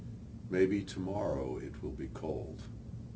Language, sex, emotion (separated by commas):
English, male, neutral